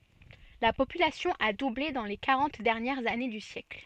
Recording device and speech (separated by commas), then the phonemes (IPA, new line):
soft in-ear microphone, read sentence
la popylasjɔ̃ a duble dɑ̃ le kaʁɑ̃t dɛʁnjɛʁz ane dy sjɛkl